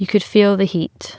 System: none